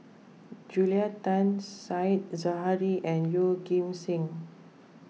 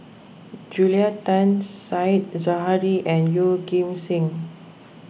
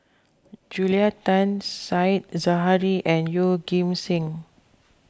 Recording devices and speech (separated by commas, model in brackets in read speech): mobile phone (iPhone 6), boundary microphone (BM630), close-talking microphone (WH20), read sentence